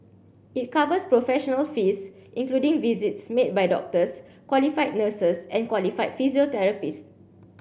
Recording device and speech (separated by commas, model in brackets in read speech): boundary microphone (BM630), read sentence